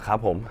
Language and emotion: Thai, neutral